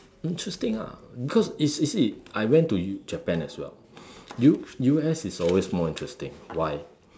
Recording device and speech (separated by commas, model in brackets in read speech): standing microphone, conversation in separate rooms